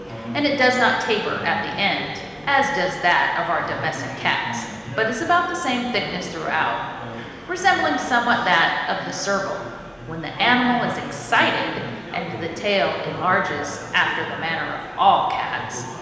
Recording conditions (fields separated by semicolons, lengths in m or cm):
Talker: one person; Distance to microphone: 1.7 m; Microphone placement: close; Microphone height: 1.0 m; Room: very reverberant, large; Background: babble